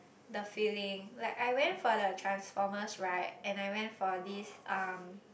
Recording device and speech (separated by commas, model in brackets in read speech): boundary microphone, conversation in the same room